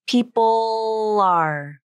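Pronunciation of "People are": In 'people are', the dark L at the end of 'people' finishes with a light L, which links 'people' to 'are'.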